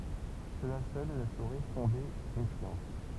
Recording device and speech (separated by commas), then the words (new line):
temple vibration pickup, read sentence
Cela seul ne saurait fonder une science.